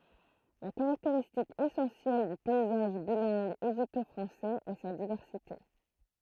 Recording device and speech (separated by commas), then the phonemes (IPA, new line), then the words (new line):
throat microphone, read sentence
la kaʁakteʁistik esɑ̃sjɛl dy pɛizaʒ bilɛ̃ɡ eʒipto fʁɑ̃sɛz ɛ sa divɛʁsite
La caractéristique essentielle du paysage bilingue égypto-français est sa diversité.